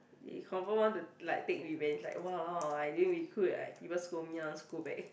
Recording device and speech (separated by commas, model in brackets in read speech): boundary microphone, conversation in the same room